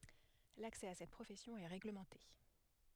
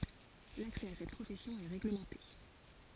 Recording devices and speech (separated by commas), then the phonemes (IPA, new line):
headset microphone, forehead accelerometer, read sentence
laksɛ a sɛt pʁofɛsjɔ̃ ɛ ʁeɡləmɑ̃te